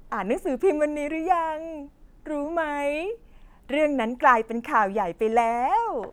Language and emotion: Thai, happy